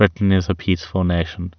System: none